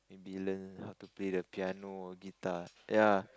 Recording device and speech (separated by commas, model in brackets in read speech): close-talking microphone, conversation in the same room